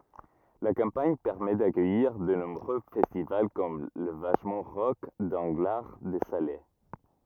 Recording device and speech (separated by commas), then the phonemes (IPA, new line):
rigid in-ear microphone, read sentence
la kɑ̃paɲ pɛʁmɛ dakœjiʁ də nɔ̃bʁø fɛstival kɔm la vaʃmɑ̃ ʁɔk dɑ̃ɡlaʁ də sale